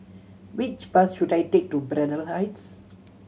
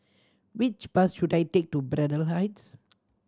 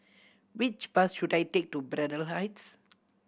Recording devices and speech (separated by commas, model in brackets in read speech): mobile phone (Samsung C7100), standing microphone (AKG C214), boundary microphone (BM630), read sentence